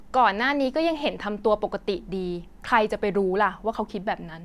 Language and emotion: Thai, frustrated